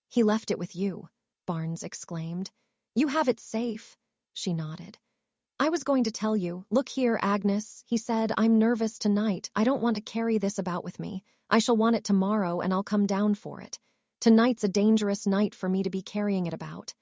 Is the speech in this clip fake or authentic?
fake